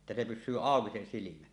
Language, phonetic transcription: Finnish, [et]tä se "pys̆syy "àoki se 'silimä .
- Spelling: että se pysyy auki se silmä

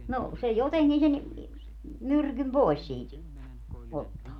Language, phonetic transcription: Finnish, no , 'se "joteŋkin sen , 'myrkym "poi̮s siit , 'ottaa .
- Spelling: no se jotenkin sen myrkyn pois siitä ottaa

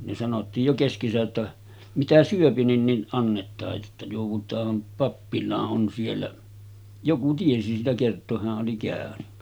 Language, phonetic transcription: Finnish, ne sanottiij jo 'keskesä’ ’että , » 'mitä "syöpi nin nin '’annet̆taaj jotta jòuv̆vut̀aam 'pappilaa’ '’on siellä « , 'joku tiesi siitä kert̆tooʰ 'hä’ ’oli kä̀öny .
- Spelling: ne sanottiin jo keskensä että mitä syö niin niin annetaan jotta joudutaan pappilaan on siellä joku tiesi siitä kertoa hän oli käynyt

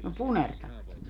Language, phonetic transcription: Finnish, no "punertavat .
- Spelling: no punertavat

